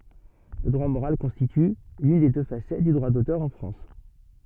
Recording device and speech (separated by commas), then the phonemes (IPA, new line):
soft in-ear microphone, read sentence
lə dʁwa moʁal kɔ̃stity lyn de dø fasɛt dy dʁwa dotœʁ ɑ̃ fʁɑ̃s